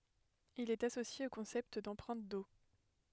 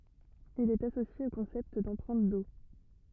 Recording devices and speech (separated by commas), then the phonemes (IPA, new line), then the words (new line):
headset microphone, rigid in-ear microphone, read sentence
il ɛt asosje o kɔ̃sɛpt dɑ̃pʁɛ̃t o
Il est associé au concept d'empreinte eau.